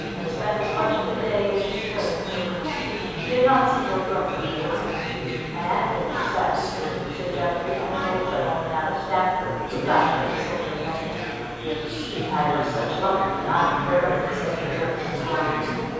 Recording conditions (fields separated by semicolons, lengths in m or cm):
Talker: one person; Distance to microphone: 7.1 m; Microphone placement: far; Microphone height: 1.7 m; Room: very reverberant, large; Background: babble